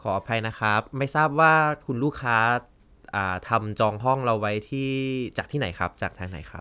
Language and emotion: Thai, neutral